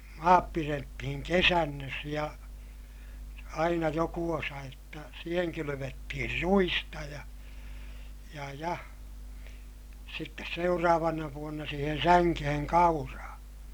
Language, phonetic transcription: Finnish, ja , maap pirettihiŋ kesännös ja , aina joku osa jotta , siiheŋ kylyvettihir ruista ja , ja ja , sittes seuraavana vuonna siihen säŋkeheŋ kauraa .
- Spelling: ja maat pidettiin kesannossa ja aina joku osa jotta siihen kylvettiin ruista ja ja ja sitten seuraavana vuonna siihen sänkeen kauraa

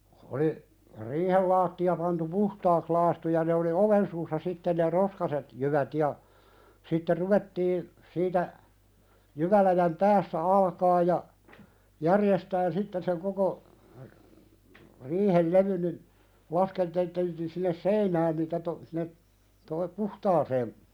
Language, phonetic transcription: Finnish, oli , 'riihel laatti₍a pantu "puhtaaks 'laastu ja ne oli "oven suussa 'sitten ne "roskaset , 'jyvät ja , sitte 'ruvettii , siitä , 'jyväläjäm "päässä 'alkaa ja , 'järjestään sitten seŋ koko , 'riihel "levyn nin , 'laskeltelteltiin sinnes "seinään niitä to- , sinne , to(nne)p "puhtaaseem ,.
- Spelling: oli riihen lattia pantu puhtaaksi lakaistu ja ne oli oven suussa sitten ne roskaiset jyvät ja sitten ruvettiin siitä jyväläjän päässä alkaa ja järjestämään sitten sen koko riihen levyn niin laskelteltiin sinne seinään niitä - sinne tuonne puhtaaseen

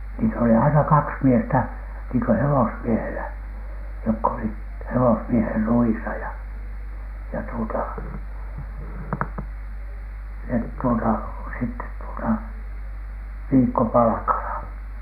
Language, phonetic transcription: Finnish, niit oli aina "kaks "miestä , niiŋkö 'hewosmiehelä , jokk ‿olit 'hewosmieher 'ruisa ‿ja , ja tuota , net tuota , sittet tuota , "viikkopalᵃkala .
- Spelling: niitä oli aina kaksi miestä niin kuin hevosmiehellä jotka olivat hevosmiehen ruuissa ja ja tuota ne tuota sitten tuota viikkopalkalla

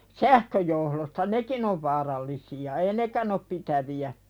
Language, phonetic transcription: Finnish, sähköjohlosta "nekin ‿ov vaarallisi₍a ei "nekän ‿op 'pitävi₍ä .
- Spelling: sähköjohdoista nekin on vaarallisia ei nekään ole pitäviä

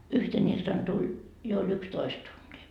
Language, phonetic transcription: Finnish, 'yhten iltan tuĺ , jo oĺ 'ykstoist tuntii .
- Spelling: yhtenä iltana tuli jo oli yksitoista tuntia

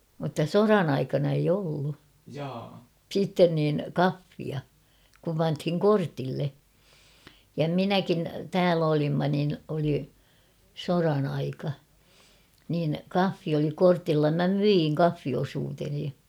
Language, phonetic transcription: Finnish, mutta "soran ‿aikana eij ‿'ollu , 'siitten niin̳ "kaffia , kum panthiŋ "kortille , ja "minäkin , 'tääl ‿olimma nin oli , 'soran ‿aika , niin̳ ''kaffi oli 'kortilla mä "myiŋ 'kaffiosuuteni .
- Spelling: mutta sodan aikana ei ollut sitten niin kahvia kun pantiin kortille ja minäkin täällä olimme niin oli sodan aika niin kahvi oli kortilla minä myin kahviosuuteni

